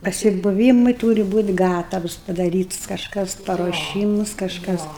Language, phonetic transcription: Lithuanian, pasibuˈvymui ˈtūri ˈbūt' ˈgatavs padaˈrytus kažˈkas paruoˈšymus kažˈkas

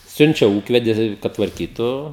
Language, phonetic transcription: Lithuanian, ˈsiunčia ˈūkvedi kad tvarˈkytu

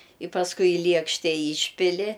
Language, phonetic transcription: Lithuanian, i pasˈkui i ˈliekšte ˈyšpili

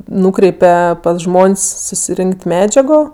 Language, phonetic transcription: Lithuanian, ˈnūkreipe pas ˈžmon's' susiˈrink't' ˈmedžiago

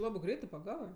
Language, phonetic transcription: Lithuanian, ˈlabɜ ˈgreitɜ paˈgavɜ

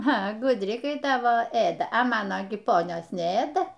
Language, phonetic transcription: Lithuanian, a gudˈri kai ˈtavo ˈėda a ˈmano gi ˈponios neˈėda

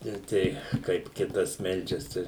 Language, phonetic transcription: Lithuanian, ir ˈtei kaip ˈkitas ˈmeldžias ˈtai

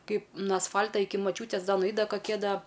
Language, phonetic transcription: Lithuanian, ˈkaip ˈnu asˈfal'ta ˈiki maˈčiūtės ˈda nuˈait da kaˈkie ˈda

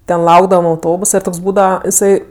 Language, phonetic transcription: Lithuanian, ˈten ˈlaukdavam auˈtobusa ir ˈtoks ˈbūdava jiˈsai

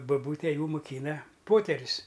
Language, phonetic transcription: Lithuanian, baˈbūtė ˈjų muˈkyna ˈpoterius

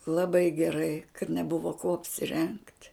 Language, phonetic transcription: Lithuanian, laˈbai geˈrai kad neˈbuvo kuo apsiˈrengt

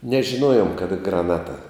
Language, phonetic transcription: Lithuanian, nežiˈnuojom kaˈda graˈnata

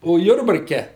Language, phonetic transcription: Lithuanian, o ˈjurbarke

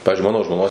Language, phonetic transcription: Lithuanian, ˈpavizdžiui ˈmano žmoˈnos

